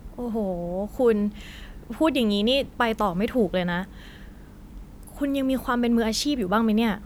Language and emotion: Thai, frustrated